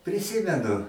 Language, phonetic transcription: Lithuanian, priˈsimenu

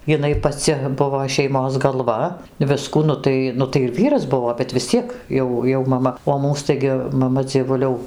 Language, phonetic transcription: Lithuanian, jiˈnai paˈci ˈbuvo šeiˈmos galˈva ˈviskų ˈnu tai ˈnu tai ir ˈvyras ˈbuvo bet vis ˈciek ˈjau jau maˈma o ˈmūs ˈtaigi maˈma dzieˈvuliau

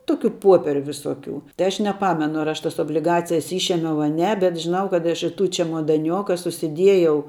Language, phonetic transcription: Lithuanian, ˈtokiu ˈpopieriu viˈsoˌkių tai ˈaš neˈpamenu ar ˈaš ˈtas obliˈgacijas ˈyšėmiau a ˈne bet žiˈnau kad ˈaš i tų čemodaˈnioka susiˈdiejau

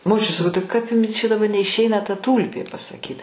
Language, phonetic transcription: Lithuanian, moˈčiut saˈkau tai ˈkap ˈjumi čia daˈba neišˈeina ta ˈtūlpė pasaˈkyt

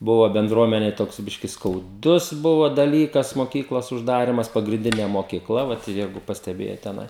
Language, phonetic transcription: Lithuanian, ˈbuva benˈdruomenei ˈtoks ˈbiški skauˈdus ˈbuva daˈlykas moˈkyklos užˈdarimas pagrinˈdinė mokiˈkla ˈvat ˈjeigu pasteˈbėjot teˈnai

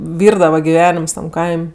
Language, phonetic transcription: Lithuanian, ˈvyrdava giˈvenims tam ˈkaim'

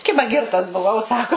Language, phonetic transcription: Lithuanian, ˈkiba ˈgirtas buˈvau ˈsako

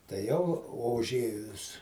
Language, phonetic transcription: Lithuanian, tai ˈjau o uˈžėjus

